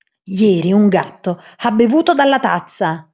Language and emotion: Italian, angry